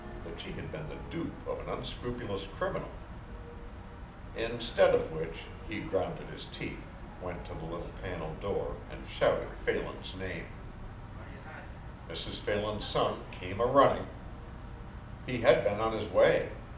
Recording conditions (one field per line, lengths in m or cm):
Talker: one person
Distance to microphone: 2.0 m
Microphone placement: close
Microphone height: 99 cm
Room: medium-sized (5.7 m by 4.0 m)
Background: television